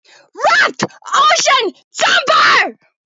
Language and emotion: English, angry